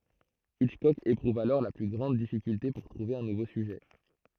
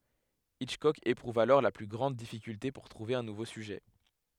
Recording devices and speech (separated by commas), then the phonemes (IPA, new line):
throat microphone, headset microphone, read sentence
itʃkɔk epʁuv alɔʁ le ply ɡʁɑ̃d difikylte puʁ tʁuve œ̃ nuvo syʒɛ